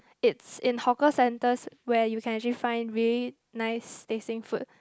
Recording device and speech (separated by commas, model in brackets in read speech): close-talking microphone, conversation in the same room